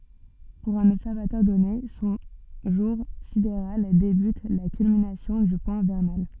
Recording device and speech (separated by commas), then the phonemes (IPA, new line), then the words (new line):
soft in-ear microphone, read sentence
puʁ œ̃n ɔbsɛʁvatœʁ dɔne sɔ̃ ʒuʁ sideʁal debyt a la kylminasjɔ̃ dy pwɛ̃ vɛʁnal
Pour un observateur donné, son jour sidéral débute à la culmination du point vernal.